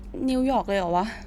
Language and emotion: Thai, frustrated